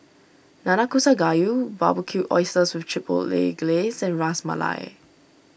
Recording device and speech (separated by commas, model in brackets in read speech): boundary microphone (BM630), read sentence